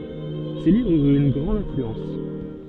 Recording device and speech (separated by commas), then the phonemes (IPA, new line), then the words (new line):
soft in-ear microphone, read sentence
se livʁz yʁt yn ɡʁɑ̃d ɛ̃flyɑ̃s
Ses livres eurent une grande influence.